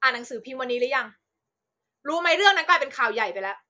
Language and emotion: Thai, angry